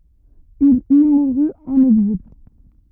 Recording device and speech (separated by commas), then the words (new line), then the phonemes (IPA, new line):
rigid in-ear microphone, read sentence
Il y mourut en exil.
il i muʁy ɑ̃n ɛɡzil